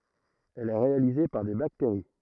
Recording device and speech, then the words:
throat microphone, read sentence
Elle est réalisée par des bactéries.

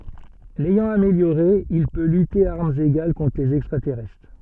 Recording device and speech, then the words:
soft in-ear microphone, read sentence
L'ayant amélioré, il peut lutter à armes égales contre les extraterrestres.

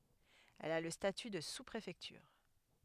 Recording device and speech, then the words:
headset microphone, read sentence
Elle a le statut de sous-préfecture.

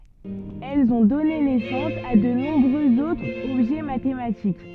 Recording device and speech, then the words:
soft in-ear microphone, read sentence
Elles ont donné naissance à de nombreux autres objets mathématiques.

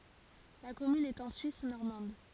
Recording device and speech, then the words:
forehead accelerometer, read sentence
La commune est en Suisse normande.

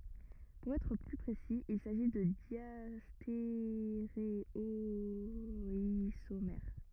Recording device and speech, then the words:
rigid in-ear microphone, read sentence
Pour être plus précis, il s'agit de diastéréoisomères.

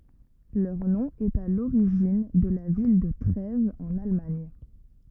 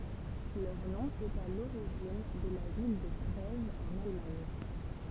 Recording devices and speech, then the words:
rigid in-ear microphone, temple vibration pickup, read sentence
Leur nom est à l'origine de la ville de Trèves en Allemagne.

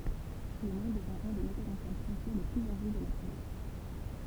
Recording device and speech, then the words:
temple vibration pickup, read sentence
Clément devint un des metteurs en scène français les plus en vue de l’après-guerre.

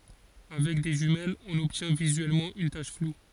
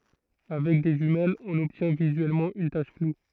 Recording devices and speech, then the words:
forehead accelerometer, throat microphone, read sentence
Avec des jumelles, on obtient visuellement une tache floue.

